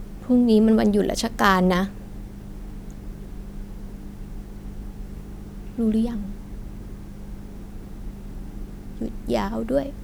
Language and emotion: Thai, sad